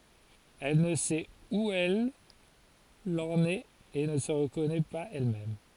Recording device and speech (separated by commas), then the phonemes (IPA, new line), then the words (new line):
forehead accelerometer, read sentence
ɛl nə sɛt u ɛl ɑ̃n ɛt e nə sə ʁəkɔnɛ paz ɛlmɛm
Elle ne sait où elle en est et ne se reconnaît pas elle-même.